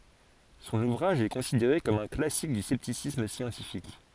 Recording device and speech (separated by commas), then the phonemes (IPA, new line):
forehead accelerometer, read sentence
sɔ̃n uvʁaʒ ɛ kɔ̃sideʁe kɔm œ̃ klasik dy sɛptisism sjɑ̃tifik